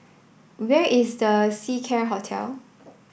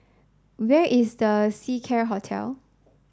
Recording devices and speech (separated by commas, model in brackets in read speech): boundary microphone (BM630), standing microphone (AKG C214), read sentence